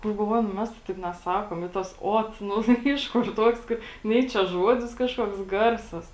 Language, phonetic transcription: Lithuanian, nu galˈvoju nu ˈmes tai ˈtaip neˈsakom i tas ˈot ˈnu tai ˈiš kur ˈtuoks ˈkai ˈnei čia ˈžuodis ˈkažkuoks ˈgarsas

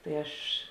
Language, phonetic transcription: Lithuanian, tai ˈaš

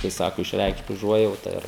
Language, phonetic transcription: Lithuanian, kai ˈsaku išˈreikšt uˈžuojauta ˈir

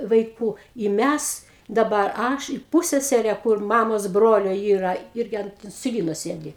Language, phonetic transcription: Lithuanian, vaiˈkų i ˈmæs ˈdabar ˈaš i ˈpūssesere kur ˈmamos ˈbrolio ˈyra ˈirgi ˈant insiˈlyno ˈsėdi

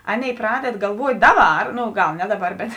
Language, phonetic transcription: Lithuanian, ˈaˌnėi ˈpraded galˈvuot' ˈdaˌbar ˈno ˈgal ˈne ˈdaˌbar bet

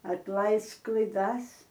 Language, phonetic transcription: Lithuanian, atˈlaisk klaiˈdas

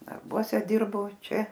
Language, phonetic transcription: Lithuanian, darˈbuose ˈdirbo ˈčia

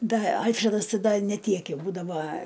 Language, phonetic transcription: Lithuanian, ˈda ˈalfredas ˈti ˈda neˈ tiek ˈjau ˈbūdava

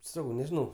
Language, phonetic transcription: Lithuanian, ˈsakau nežiˈnau

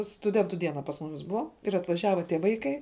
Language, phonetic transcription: Lithuanian, stuˈdentu ˈdiena pas ˈmumis ˈbuva ir atvaˈžiava tie ˈvaikai

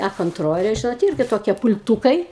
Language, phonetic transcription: Lithuanian, a konˈtrolė ˈžinot ˈirgi toˈkie pul'ˈtūkai

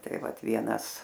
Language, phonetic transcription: Lithuanian, ˈtai ˈvat ˈvienas

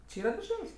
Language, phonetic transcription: Lithuanian, či ˈyra darˈžel's'

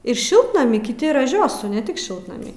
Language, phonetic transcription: Lithuanian, ir ˈšiltnamy kiˈti raˈžiosu ne ˈtik ˈšiltnamy

